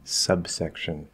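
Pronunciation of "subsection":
In 'subsection', the b in the middle comes before an s, and when it is released there is a little bit of a p sound instead.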